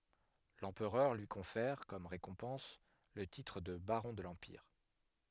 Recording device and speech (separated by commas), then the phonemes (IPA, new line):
headset microphone, read sentence
lɑ̃pʁœʁ lyi kɔ̃fɛʁ kɔm ʁekɔ̃pɑ̃s lə titʁ də baʁɔ̃ də lɑ̃piʁ